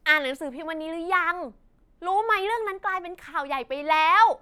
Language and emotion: Thai, happy